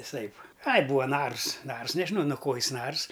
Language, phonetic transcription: Lithuanian, viˈsaip ai ˈbūa ˈnars ˈnars nežiˈnau nu ˈko ˈjis ˈnars

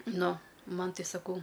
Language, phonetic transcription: Lithuanian, ˈnu ˈman ˈtai saˈkau

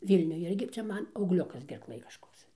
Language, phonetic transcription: Lithuanian, ˈvylniuj ˈirgi ˈcia ˈman augˈliukas gerˈklɘj kažˈkoks

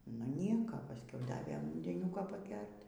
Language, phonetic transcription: Lithuanian, nu ˈnieka pasˈkiau ˈdavė undeˈniuko paˈger't'

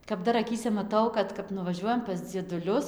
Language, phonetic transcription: Lithuanian, kap ˈdar aˈkyse maˈtau ˈkad kap nuvaˈžiuojam pas dzieduˈlius

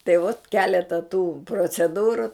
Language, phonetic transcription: Lithuanian, tai vot ˈkeleta tų proceˈdūru

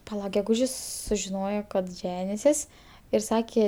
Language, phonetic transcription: Lithuanian, paˈla geˈgužis sužiˈnojo kad ˈženisis ir ˈsakė

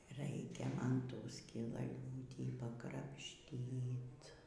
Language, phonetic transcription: Lithuanian, ˈraikia ˈman ˈtų skilalˈiūtį pakrapˈštyt

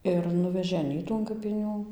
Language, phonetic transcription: Lithuanian, ir ˈnuvežė aˈnytų an kapiˈnių

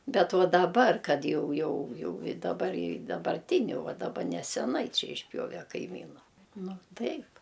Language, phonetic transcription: Lithuanian, bet ˈva daˈbar kad ˈjau ˈjau ˈjau i daˈbar i dabarˈtiniu ˈva daˈba neseˈnai ˈčia išˈpjove kaiˈmynu ˈnu ˈtaip

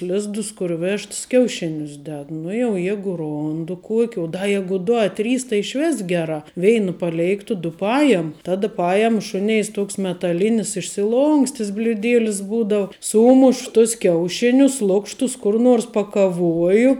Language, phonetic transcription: Lithuanian, ˈlizdus kur ˈvešts kiauˈšinius ˈded ˈnu jau ˈjegu ˈrondu ˈkuoki u da ˈjegu ˈdu a ˈtrys tai išˈvis ˈgeˌrā ˈveina paˈleiktu ˈdu ˈpajem ˈtada ˈpajem ˈšuneis ˈtoks metaˈlinis išsiˈlonkstis bliuˈdėlis ˈbūdau ˈsūmuš tus ˈkiauˌšinius ˈlukštus ˈkur nors pakaˈvuoju

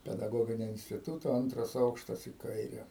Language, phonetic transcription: Lithuanian, pedaˈgoginio instiˈtūto ˈantras ˈaukštas į ˈkaire

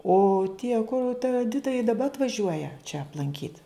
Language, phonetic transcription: Lithuanian, o tie ˈkur ta eˈdita i daˈba atvaˈžiuoja čia aplanˈkyt

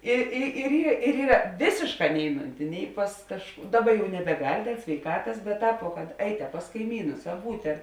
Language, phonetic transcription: Lithuanian, ˈi i ir yr ˈyra ˈvėsėšˌkā ˈneiˌnunti ˈnei pas kaž ˈdaˌba jau nebeˈgal' sveiˈkatas bet ˈtāp vo kad ˈeit a pas kaiˈmynus a ˈbūt' ar

